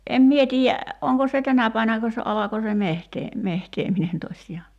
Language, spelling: Finnish, en minä tiedä onko se tänä päivänäkö se alkoi se - metsääminen tosiaan
- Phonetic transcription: 'em 'mie tiijä , 'oŋko se "tänä päi[vä]näkö se '’alako se 'mehtee- , 'mehteeminen tośjaa .

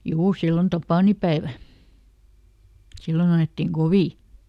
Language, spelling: Finnish, juu silloin tapaninpäivä silloin ajettiin kovin
- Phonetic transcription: "juu ˈsillon "tapànipäevä , ˈsillon ‿a₍ettiŋ "Govì .

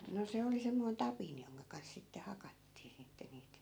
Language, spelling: Finnish, no se oli semmoinen tapin jonka kanssa sitten hakattiin sitten niitä
- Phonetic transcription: no 'se oli semmoin "tapin 'joŋka kans sitte 'hakattii sitte niit .

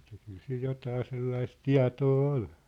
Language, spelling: Finnish, että kyllä sillä jotakin sellaista tietoa oli
- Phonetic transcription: että kyl sil 'jotaa 'sellais "tia̭too 'ol .

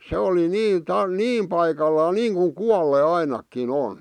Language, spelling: Finnish, se oli niin - niin paikallaan niin kuin kuolleet ainakin on
- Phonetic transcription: 'se oli "nii ta- , "niim paikallaa "niiŋkuŋ "kualle 'ainakki'n ‿on .

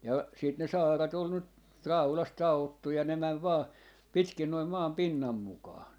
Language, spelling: Finnish, ja sitten ne saarat oli nyt raudasta taottu ja ne meni vain pitkin noin maan pinnan mukaan
- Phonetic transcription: ja , sit ne "saarat ol nyt , "raulast 'ta₍ottu ja 'ne mäv 'vaa , 'pitkin noi 'maam "pinnam 'mukaa .

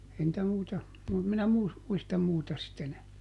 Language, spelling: Finnish, ei niitä muita - minä - muista muuta sitten enää
- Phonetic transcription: ˈei ‿ntä ˈmuita , mu- minä ˈmuis- , ˈmuistam ˈmuuta sit ˈenää .

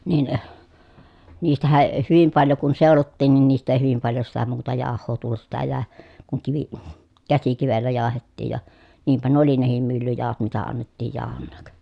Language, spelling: Finnish, niin niistähän ei hyvin paljon kun seulottiin niin niistä ei hyvin paljon sitä muuta jauhoa tullut sitä jäi kun - käsikivellä jauhettiin ja niinpä nuo oli nekin myllyjauhot mitä annettiin jauhonakin
- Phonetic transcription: nin , niistähäʼ ʼe hyvim paljo kun sèolottiin nin niist ‿èi hyvim paljo sitä muuta jàoh̆hoo tullut sitä jä̀e , kuŋ kivi- , käsikivellä jaahettiij ja , niimpä nuᵒ ‿oli nehim myllyjàohot mitä annettiij jàohonnaak .

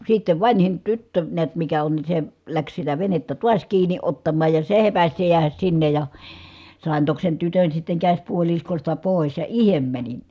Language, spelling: Finnish, sitten vanhin tyttö näet mikä on niin se lähti sitä venettä taas kiinni ottamaan ja se hepäsi se jäädä sinne ja sain toki sen tytön sitten käsipuoliskosta pois ja itse menin
- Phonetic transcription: sittev vanhin tyttö niät mikä on ni se , läks sitä venettä tuas kiiǹi ottammaaj ja se hepäs se jeähäs sinnej ja , sàen tok sen tytön sitteŋ käśpuoliskosta pòis ja ihem mänin .

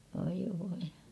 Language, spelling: Finnish, oi voi
- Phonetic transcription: oi voi .

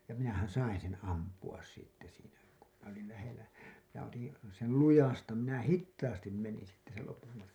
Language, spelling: Finnish, ja minähän sain sen ampua sitten siinä kun minä olin lähellä ja otin sen lujasta minä hitaasti menin sitten sen lopun matkan
- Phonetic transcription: ja minähän̬ "sain̬ sen̬ 'ampu₍as sitte siinä , ku minä olil lähel̆lä , ja otin̬ , sel "lujasta , minä "hittaastim 'menin̬ sitte sel lopum matkan̬ .

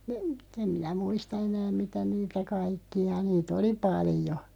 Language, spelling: Finnish, ne en minä muista enää mitä niitä kaikkia niitä oli paljon
- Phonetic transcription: (ne) , 'em minä "muista 'enääᵐ "mitä 'niitä 'kaikki₍a 'nii't ‿oli "palⁱjo .

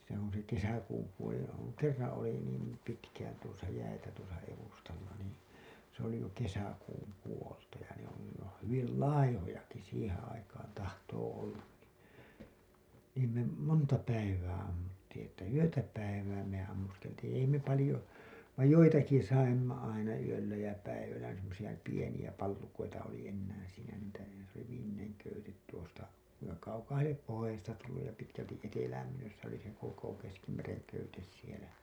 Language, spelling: Finnish, se on se kesäkuun puolella on kerran oli niin pitkään tuossa jäitä tuossa edustalla niin se oli jo kesäkuun puolta ja ne on niin ne on hyvin laihojakin siihen aikaan tahtoo olla niin niin me monta päivää ammuttiin että yötä päivää me ammuskeltiin ei me paljon vain joitakin saimme aina yöllä ja päivällä semmoisia pieniä pallukoita oli enää siinä niitä se oli viimeinen köyte tuosta kuinka kaukaahan lie pohjoisesta tullut ja pitkälti etelään myös se oli sen koko keskimeren köyte siellä
- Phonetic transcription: se ‿on̬ se 'kesäkuum puolella oŋ , "kerran̬ oli niim pitkään tuosa jäitä tuosa evustalla nii , se ‿oli jo 'kesäkuum 'puolta ja ne ‿on nin n ‿oon̬ 'hyvil "laihojaki 'siiheḛ aikaan tahtoo ollan nii , niim me , 'monta 'päivää ammuttiiḭ että "yötä 'päivää me ammuskeltiiḭ ei me palĭjo , vaij 'joitaki 'saimma aina yöllä jä päivällä semmosiʲa 'pieniʲä 'pallukoita oli ennään̬ siinä niitä , s ‿oli viimmineŋ köytet tuosta , kuiŋka kaukaahal 'liep 'pohojasesta tulluj ja pitkälti’ ’etelääm myös se ‿oli seŋ 'koko keskimereŋ köytes sielä .

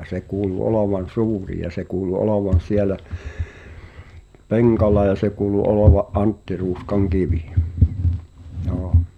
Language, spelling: Finnish, ja se kuului olevan suuri ja se kuului olevan siellä penkalla ja se kuului olevan Antti Ruuskan kivi joo
- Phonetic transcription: ʲa se kuulu 'olovan̬ "su̬uri ja se kuulu 'olovan̬ "sielä , "peŋkal̆la ja se kuulu 'olova’ "’Antti Ruuskaŋ 'kivi , jɔɔ .

